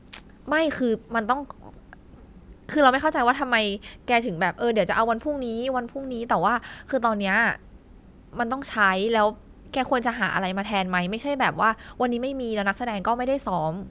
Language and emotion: Thai, angry